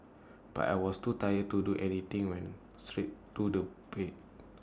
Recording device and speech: standing microphone (AKG C214), read sentence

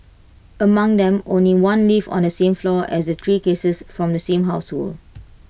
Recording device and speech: boundary microphone (BM630), read sentence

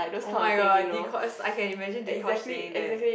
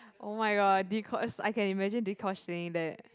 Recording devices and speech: boundary microphone, close-talking microphone, conversation in the same room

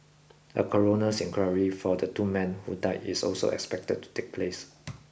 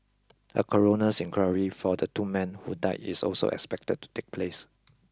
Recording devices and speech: boundary microphone (BM630), close-talking microphone (WH20), read sentence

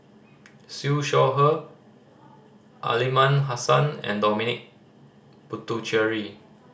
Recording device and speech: standing microphone (AKG C214), read sentence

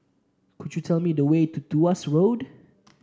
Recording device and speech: standing microphone (AKG C214), read sentence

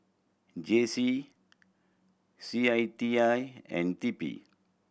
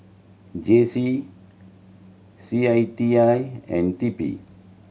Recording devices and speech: boundary microphone (BM630), mobile phone (Samsung C7100), read sentence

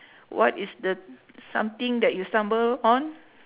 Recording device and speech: telephone, conversation in separate rooms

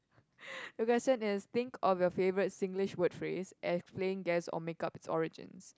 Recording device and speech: close-talking microphone, conversation in the same room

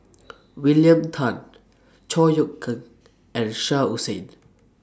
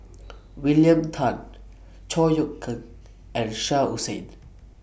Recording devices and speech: standing microphone (AKG C214), boundary microphone (BM630), read sentence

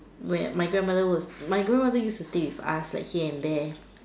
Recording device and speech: standing microphone, conversation in separate rooms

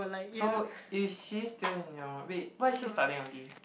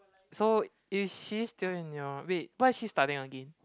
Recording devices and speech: boundary microphone, close-talking microphone, conversation in the same room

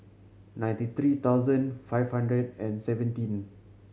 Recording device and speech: mobile phone (Samsung C7100), read sentence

